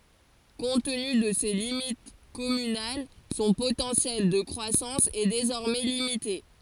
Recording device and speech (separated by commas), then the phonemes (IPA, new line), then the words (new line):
forehead accelerometer, read sentence
kɔ̃t təny də se limit kɔmynal sɔ̃ potɑ̃sjɛl də kʁwasɑ̃s ɛ dezɔʁmɛ limite
Compte tenu, de ses limites communales, son potentiel de croissance est désormais limité.